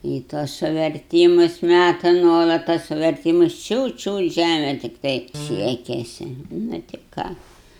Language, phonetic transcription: Lithuanian, į ˈtuos suverˈtymus ˈmæta ˈnuolat tas suverˈtymus ˈčiūt ˈčiūt ˈžæme tikˈtai ˈsiekesi nu ti ˈką

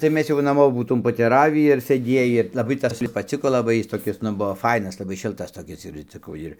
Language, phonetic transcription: Lithuanian, tai ˈmes jau naˈmo būˈtūm poteˈravį ir sėˈdiejį laˈbai ˈtas paˈciko laˈbai ˈjis toˈkis ˈnu ˈbuvo ˈfainas laˈbai ˈšiltas toˈkis ir inciˈkau ˈir

